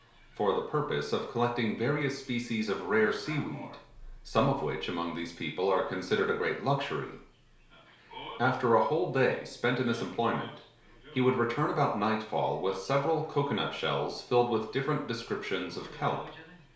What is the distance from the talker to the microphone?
1.0 m.